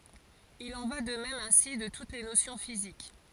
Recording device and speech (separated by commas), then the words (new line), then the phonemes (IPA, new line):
forehead accelerometer, read sentence
Il en va de même ainsi de toutes les notions physiques.
il ɑ̃ va də mɛm ɛ̃si də tut le nosjɔ̃ fizik